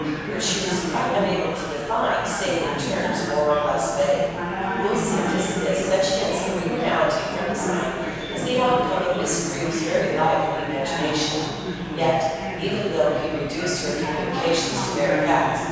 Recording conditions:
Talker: one person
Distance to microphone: 7.1 m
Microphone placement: far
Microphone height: 1.7 m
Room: very reverberant, large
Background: babble

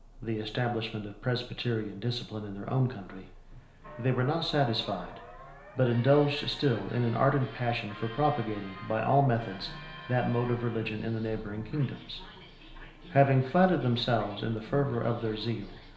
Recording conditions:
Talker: one person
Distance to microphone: 1.0 m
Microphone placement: close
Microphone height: 1.1 m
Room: small (3.7 m by 2.7 m)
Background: television

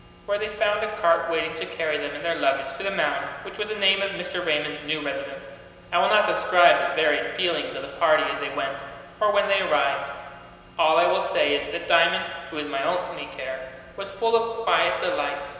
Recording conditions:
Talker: one person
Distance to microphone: 1.7 m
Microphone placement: close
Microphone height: 1.0 m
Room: very reverberant, large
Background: none

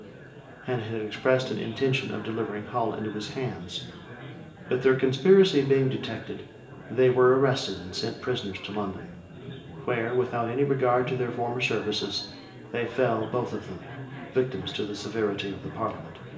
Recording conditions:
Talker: one person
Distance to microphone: 1.8 m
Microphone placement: close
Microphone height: 1.0 m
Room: large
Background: babble

